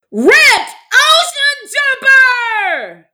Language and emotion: English, sad